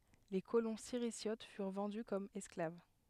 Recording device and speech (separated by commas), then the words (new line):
headset microphone, read sentence
Les colons Sirisiotes furent vendus comme esclaves.